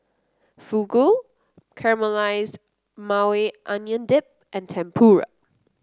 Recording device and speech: close-talking microphone (WH30), read sentence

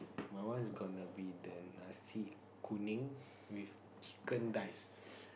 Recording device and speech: boundary microphone, conversation in the same room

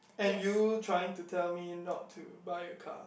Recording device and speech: boundary microphone, conversation in the same room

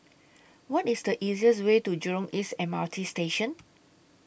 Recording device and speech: boundary microphone (BM630), read sentence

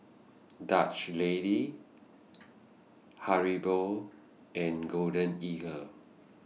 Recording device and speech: mobile phone (iPhone 6), read sentence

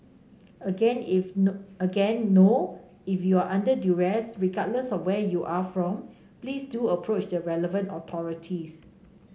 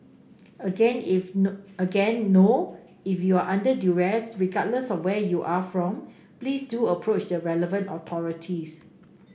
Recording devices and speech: mobile phone (Samsung C5), boundary microphone (BM630), read sentence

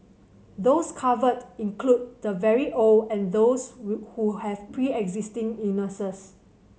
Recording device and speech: mobile phone (Samsung C7100), read sentence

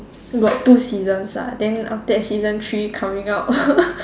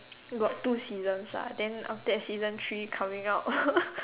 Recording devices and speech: standing microphone, telephone, conversation in separate rooms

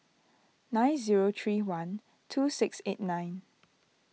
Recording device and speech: mobile phone (iPhone 6), read sentence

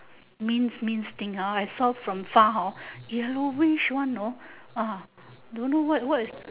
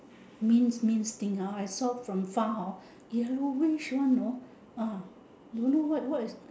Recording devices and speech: telephone, standing microphone, conversation in separate rooms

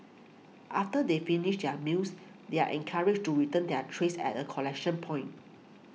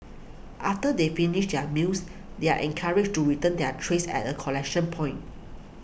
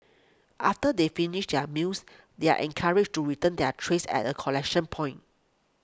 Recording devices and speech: mobile phone (iPhone 6), boundary microphone (BM630), close-talking microphone (WH20), read sentence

